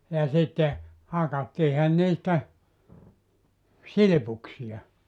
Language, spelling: Finnish, ja sitten hakattiinhan niistä silpuksia
- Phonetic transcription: ja 'sitte , 'hakattiihan 'niistä , "silⁱpuksiʲa .

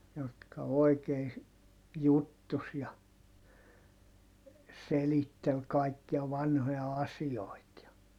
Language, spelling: Finnish, jotka oikein juttusi ja selitteli kaikkia vanhoja asioita ja
- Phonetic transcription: jotka oi̮kei , juttus ja , selittel kàikkia vanhoja asi₍oit ja ,.

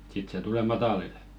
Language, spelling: Finnish, sitten se tulee matalille
- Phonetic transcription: 'sit se 'tule "matalil .

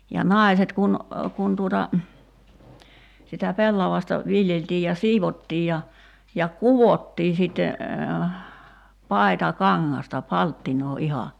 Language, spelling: Finnish, ja naiset kun kun tuota sitä pellavasta viljeltiin ja siivottiin ja ja kudottiin sitten paitakangasta palttinaa ihan
- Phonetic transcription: ja "nài̬set kun , 'kun tuota , sitä 'pellavasta , 'viljeltii ja 'siivottii ja , ja "kuvottii sitte , "paita"kaŋŋasta 'palttinoo 'iha .

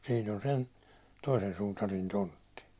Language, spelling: Finnish, sinne on sen toisen suutarin tontti
- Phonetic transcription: sin ‿on 'sen , toisen sutarin 'tontti .

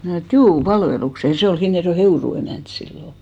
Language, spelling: Finnish, minä sanoin että juu palvelukseen ja se oli Hinnerjoen Heurun emäntä silloin
- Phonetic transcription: 'mnä̀ snò et » "juu , 'palvelukse « , ja 'se ol 'Hinnerjo₍e "Heuru emä̀nt 'sillo .

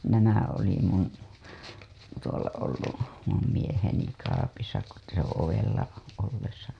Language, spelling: Finnish, nämä oli minun tuolla ollut minun mieheni kaapissa kun se - ovella ollessa
- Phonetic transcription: nämä oli mun , tuola ollu , mum mieheni kaapisa ko se t- , ovella , ollesa .

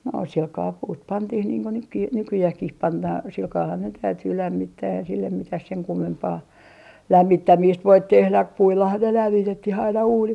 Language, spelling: Finnish, no sillä kalella puut pantiin niin kuin nytkin nykyäänkin pannaan sillä kalellahan ne täytyy lämmittää ei sille mitään sen kummempaa lämmittämistä voi tehdä puillahan ne - lämmitettiin aina uunit
- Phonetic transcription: no silkaa 'puut "pantih niiŋ ku nykki , 'nykyjähkih 'pannaa 'silkaahan ne 'täytyy 'lämmittää ei sillem "mitäh 'seŋ 'kummempaa , "lämmittämiist voit tehlä , 'puillahan ne 'lämmi - tetti'h ‿aina 'uunit .

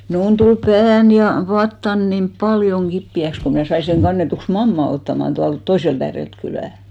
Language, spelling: Finnish, minun tuli pääni ja vatsani niin paljon kipeäksi kun minä sain sen kannetuksi mammaa ottamaan tuolta toiselta ääreltä kylää
- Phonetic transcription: 'mnuun tul "pään ja , "vattan nim "ʙaljoŋ 'ɢippi₍äks ko mnä̀ 'sai seŋ 'ɢannetuks "mamma ottaman tualt 'toiselt ‿äärelt 'kylä̀ .

